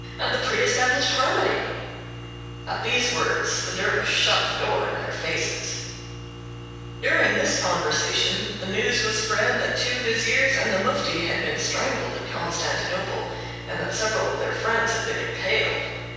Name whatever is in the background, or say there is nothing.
Nothing.